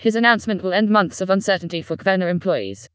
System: TTS, vocoder